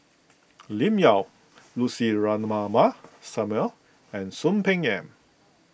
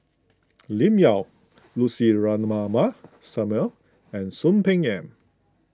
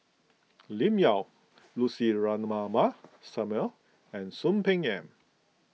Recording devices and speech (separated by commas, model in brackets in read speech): boundary microphone (BM630), close-talking microphone (WH20), mobile phone (iPhone 6), read sentence